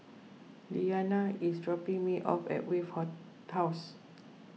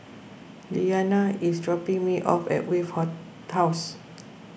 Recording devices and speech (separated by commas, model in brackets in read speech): mobile phone (iPhone 6), boundary microphone (BM630), read sentence